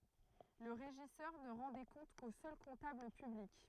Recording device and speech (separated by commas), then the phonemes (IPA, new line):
throat microphone, read sentence
lə ʁeʒisœʁ nə ʁɑ̃ de kɔ̃t ko sœl kɔ̃tabl pyblik